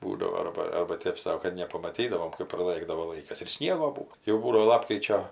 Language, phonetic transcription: Lithuanian, ˈbūdavo ˈarba ˈarba ˈtėp sau kad nepamaˈtydavom kɜp praˈlɘkdavo ˈlaikas ir ˈsniego ˈbūo jau ˈbūdavo ˈlapkričio

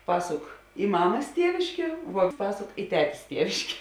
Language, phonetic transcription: Lithuanian, ˈpasuk i ˈmamas ˈtieviškė vuo ˈpasok i ˈtetės ˈtieviškė

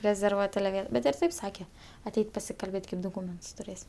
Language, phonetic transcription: Lithuanian, rezerˈvuot' ˈbet ir ˈtaip ˈsake aˈteit' pasikalˈbėt' kaip doˈkūmentus tuˈrės'

